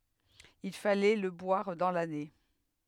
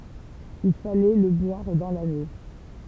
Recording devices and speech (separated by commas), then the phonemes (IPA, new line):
headset microphone, temple vibration pickup, read sentence
il falɛ lə bwaʁ dɑ̃ lane